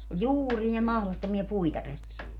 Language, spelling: Finnish, oli juuria mahdottomia puita repi
- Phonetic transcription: ol "juurie 'mahlottomia "puita 'rep .

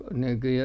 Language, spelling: Finnish, -
- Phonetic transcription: nykyj - ,.

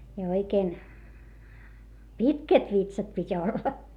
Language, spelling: Finnish, ja oikein pitkät vitsat piti olla
- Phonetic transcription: ja oikeen , pitkät vitsat pit́ ‿olla .

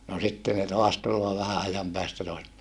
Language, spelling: Finnish, no sitten ne taas tulee vähän ajan päästä taas
- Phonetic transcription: no sitte ne toas tulloo vähä ajam päästä toas .

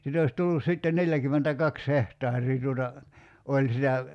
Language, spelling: Finnish, sitä olisi tullut sitten neljäkymmentäkaksi hehtaaria tuota oli sitä
- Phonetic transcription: sit ‿ois 'tullus sitten "neljäkymmentä'kaks 'hehtaar̀ii tuota , 'oĺ sitä ,.

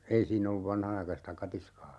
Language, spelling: Finnish, ei siinä ollut vanhanaikaista katiskaa
- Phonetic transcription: 'ei siinn ‿olluv "vanhanaikasta 'katiskaa .

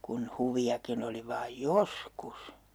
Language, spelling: Finnish, kun huviakin oli vain joskus
- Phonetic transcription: kun 'huvi₍akin ‿oli vaaj "joskus .

